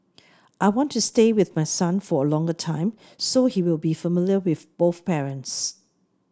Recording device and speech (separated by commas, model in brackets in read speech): standing microphone (AKG C214), read sentence